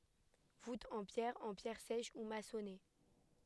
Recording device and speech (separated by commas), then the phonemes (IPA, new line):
headset microphone, read sentence
vutz ɑ̃ pjɛʁ ɑ̃ pjɛʁ sɛʃ u masɔne